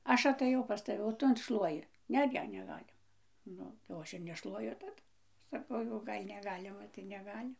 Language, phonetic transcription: Lithuanian, ˈaš ataˈjau pas taˈvi o ˈtu an ˈšluoji ˈne ˈne neˈgalima ˈnu jau ˈaš ir neˈšluoju taˈdu saˈkau jau ˈgal' neˈgalima tai neˈgali

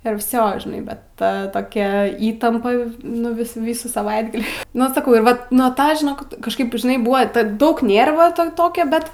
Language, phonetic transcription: Lithuanian, ir ˈvsio žiˈnai bet ˈta toˈkia ˈįtampa nu ˈvis ˈvysų saˈvaitgalį nu saˈkau ir ˈvat nuo ˈtą žiˈnok kažˈkaip žiˈnai ˈbuva tad ˈdaug ˈnėrva ˈta ˈtokia ˈbet

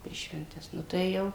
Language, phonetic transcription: Lithuanian, per švenˈtes nu tai ˈjau

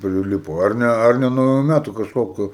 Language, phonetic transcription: Lithuanian, priˈlipo ar ˈne ar ˈne nuo nauˈjų ˈmætu kažˈkokiu

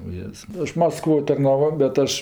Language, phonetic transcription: Lithuanian, uˈjėz ˈaš masˈkvo tarnaˈvo bet ˈaš

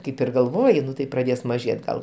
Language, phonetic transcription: Lithuanian, ˈkaip ir galˈvoji ˈnu tai praˈdės maˈžėt gal

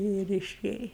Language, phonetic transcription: Lithuanian, ir iˈšėja

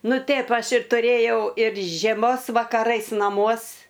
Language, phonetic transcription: Lithuanian, ˈnu ˈtėp ˈaš ir tuˈrėjau ir žieˈmos vakaˈrais naˈmuos

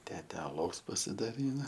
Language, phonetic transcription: Lithuanian, ˈtete aˈlaus pasidaˈryna

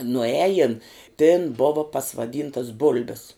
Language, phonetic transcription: Lithuanian, nuˈejin tėn ˈbova pasvaˈdyntas ˈbul'bis

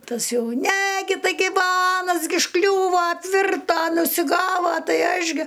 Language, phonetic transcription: Lithuanian, ˈtas ˈjau ne ˈgi taiˈgi va ˈanas gi užˈkliūva apˈvirta užsiˈgava ˈtai ˈaš gi

